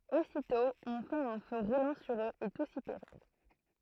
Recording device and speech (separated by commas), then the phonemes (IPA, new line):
throat microphone, read sentence
ositɔ̃ ɔ̃ fɛt œ̃ fø ʁulɑ̃ syʁ øz e tus i peʁiʁ